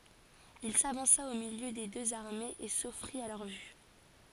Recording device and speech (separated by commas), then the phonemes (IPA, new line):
forehead accelerometer, read sentence
il savɑ̃sa o miljø de døz aʁmez e sɔfʁit a lœʁ vy